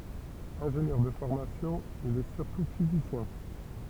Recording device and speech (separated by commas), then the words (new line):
temple vibration pickup, read sentence
Ingénieur de formation, il est surtout physicien.